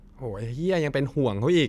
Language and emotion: Thai, angry